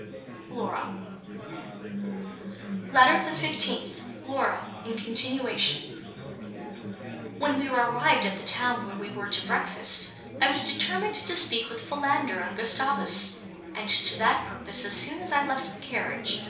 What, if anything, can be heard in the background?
Crowd babble.